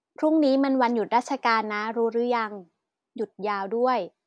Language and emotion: Thai, neutral